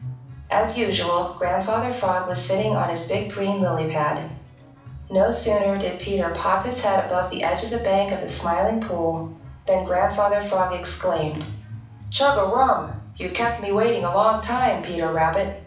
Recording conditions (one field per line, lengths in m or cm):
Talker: one person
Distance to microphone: 5.8 m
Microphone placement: far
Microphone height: 1.8 m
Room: medium-sized (5.7 m by 4.0 m)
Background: music